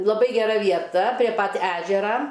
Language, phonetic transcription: Lithuanian, laˈbai geˈra vieˈta prie pat ˈežera

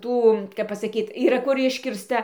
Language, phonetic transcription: Lithuanian, ˈtų kap pasaˈkyt yˈra kur ˈiškirsta

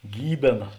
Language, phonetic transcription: Lithuanian, ˈgybėna

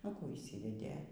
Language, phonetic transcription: Lithuanian, nu ˈkų išˈsyvedė

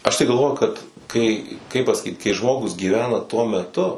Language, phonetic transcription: Lithuanian, aš tai galˈvoju kad kai kaip pasaˈkyt kai ˈžmogus gyˈvena tuo meˈtu

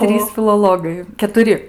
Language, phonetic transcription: Lithuanian, ˈtrys filoˈlogai ketuˈri

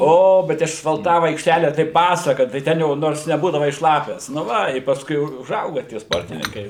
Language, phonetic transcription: Lithuanian, ˈo ˈbet išasfalˈtavu aikšˈtele tai ˈpasaka tai ˈten jau ˈnors neˈbūdavai ˈšlapias nu ˈva i pasˈkui u uˈžauga tie ˈsportininkai

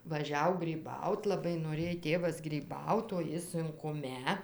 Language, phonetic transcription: Lithuanian, vaˈžiau gryˈbaut laˈbai noˈrėj ˈtėvas gryˈbaut o ˈji sunkuˈme

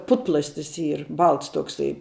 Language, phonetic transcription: Lithuanian, ˈputplastis ˈyr ˈbalts tokˈsai

